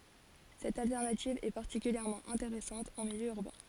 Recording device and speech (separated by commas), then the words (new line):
forehead accelerometer, read sentence
Cette alternative est particulièrement intéressante en milieu urbain.